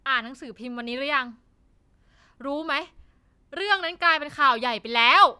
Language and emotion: Thai, angry